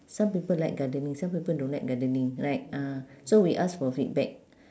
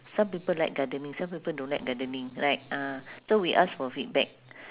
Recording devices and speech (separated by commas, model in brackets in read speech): standing microphone, telephone, conversation in separate rooms